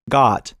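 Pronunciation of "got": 'Got' has the American vowel sound ah.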